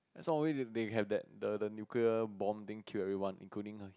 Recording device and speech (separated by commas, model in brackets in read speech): close-talking microphone, conversation in the same room